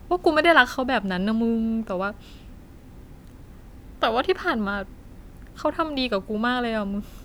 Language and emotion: Thai, sad